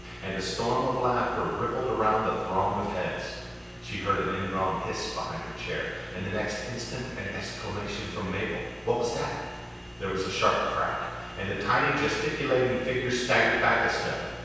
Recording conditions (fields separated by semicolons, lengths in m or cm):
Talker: one person; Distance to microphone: 7.1 m; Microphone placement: far; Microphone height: 1.7 m; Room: very reverberant, large; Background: none